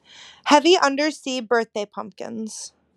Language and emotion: English, neutral